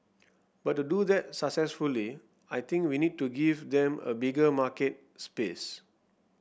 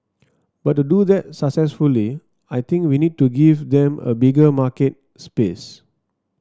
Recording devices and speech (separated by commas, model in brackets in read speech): boundary microphone (BM630), standing microphone (AKG C214), read sentence